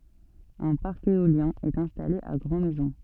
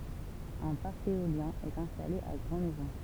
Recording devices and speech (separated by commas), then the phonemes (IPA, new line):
soft in-ear microphone, temple vibration pickup, read sentence
œ̃ paʁk eoljɛ̃ ɛt ɛ̃stale a ɡʁɑ̃ mɛzɔ̃